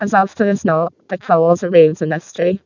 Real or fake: fake